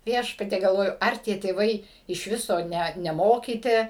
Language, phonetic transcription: Lithuanian, ˈviešpatie galˈvoju ˈar tie tėˈvai iš ˈviso ˈnæt neˈmokyti

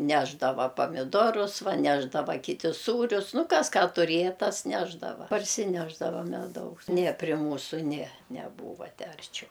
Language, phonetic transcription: Lithuanian, ˈnešdava pamiˈdorus ˈva ˈnešdava kiˈti ˈsūrius ˈnu ˈkas ˈką turėja ˈtas ˈnešdava parsiˈnešdava meˈdaus nie prie ˈmūsu nie neˈbūva ˈtę arˈčiau

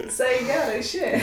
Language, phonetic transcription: Lithuanian, viˈsai i ˈgero išˈėje

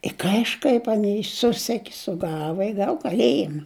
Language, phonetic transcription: Lithuanian, i kaižˈkaip aˈnei ˈsuseki suˈgava i ˈgav kaˈlėjima

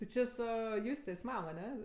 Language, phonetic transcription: Lithuanian, ti ˈči ˈsu ˈjustės ˈmam aˈne

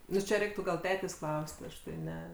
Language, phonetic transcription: Lithuanian, ˈnu čia ˈreiktu gal ˈtetės' ˈklaus't' ˈaš tai ˈne

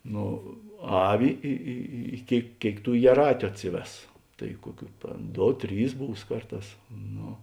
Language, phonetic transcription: Lithuanian, ˈno ˈavi ˈi i i ˈkėik ˈkėik ˈtų jieˈrātiu ˈatsiˌves tai ˈkuoˌkių ˈdo ˈtrys ˈbūs ˈkarˌtās ˈno

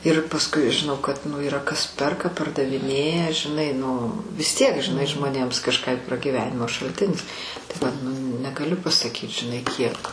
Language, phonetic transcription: Lithuanian, ir pasˈkui žiˈnau kad nu yˈra kas ˈperka pardaviˈnėja žiˈnai nu vis tiek žiˈnai žmoˈnėms kažˈką juk pragyˈvenimo šalˈtinis tai vat nu negaˈliu pasaˈkyt žiˈnai ˈkiek

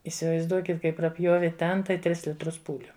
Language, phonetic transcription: Lithuanian, įsivaizˈduokit ˈkai praˈpjovi ˈten tai ˈtris litˈrus ˈpūliu

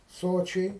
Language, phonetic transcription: Lithuanian, ˈsočiai

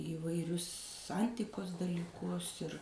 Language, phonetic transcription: Lithuanian, įvaiˈrius ˈantikos dalyˈkus ir

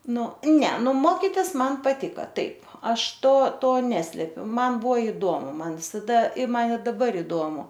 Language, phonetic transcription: Lithuanian, ˈnu ˈne ˈnu ˈmokitis ˈman paˈtika ˈtaip ˈaš ˈto ˈto ˈneslepiu ˈman ˈbuo iˈdomu ˈman visaˈda i ˈman i daˈbar iˈdomu

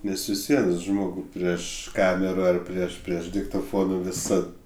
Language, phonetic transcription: Lithuanian, ˈnes vis ˈvien ˈžmogu prieš ˈkamera ar ˈprieš ˈprieš diktoˈfonu viˈsad

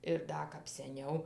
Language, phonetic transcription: Lithuanian, ir ˈda kap seˈniau

